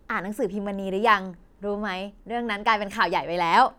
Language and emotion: Thai, happy